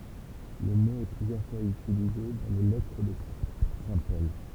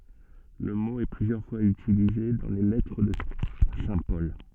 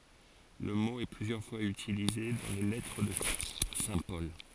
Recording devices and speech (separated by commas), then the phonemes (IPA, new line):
temple vibration pickup, soft in-ear microphone, forehead accelerometer, read sentence
lə mo ɛ plyzjœʁ fwaz ytilize dɑ̃ le lɛtʁ də sɛ̃ pɔl